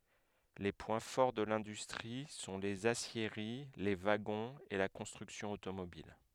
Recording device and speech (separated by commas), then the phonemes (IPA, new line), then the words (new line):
headset microphone, read sentence
le pwɛ̃ fɔʁ də lɛ̃dystʁi sɔ̃ lez asjeʁi le vaɡɔ̃z e la kɔ̃stʁyksjɔ̃ otomobil
Les points forts de l'industrie sont les aciéries, les wagons et la construction automobile.